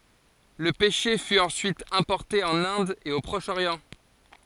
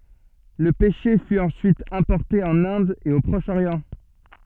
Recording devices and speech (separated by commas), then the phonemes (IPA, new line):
forehead accelerometer, soft in-ear microphone, read sentence
lə pɛʃe fy ɑ̃syit ɛ̃pɔʁte ɑ̃n ɛ̃d e o pʁɔʃ oʁjɑ̃